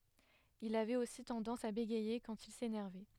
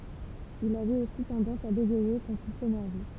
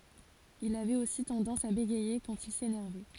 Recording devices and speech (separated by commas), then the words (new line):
headset microphone, temple vibration pickup, forehead accelerometer, read sentence
Il avait aussi tendance à bégayer quand il s'énervait.